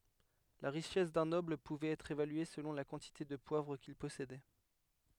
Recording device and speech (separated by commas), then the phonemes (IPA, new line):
headset microphone, read sentence
la ʁiʃɛs dœ̃ nɔbl puvɛt ɛtʁ evalye səlɔ̃ la kɑ̃tite də pwavʁ kil pɔsedɛ